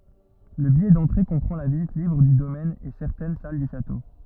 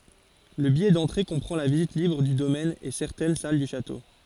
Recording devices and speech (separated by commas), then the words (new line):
rigid in-ear microphone, forehead accelerometer, read sentence
Le billet d’entrée comprend la visite libre du domaine et certaines salles du château.